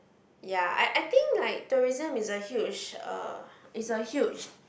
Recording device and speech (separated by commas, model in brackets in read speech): boundary microphone, conversation in the same room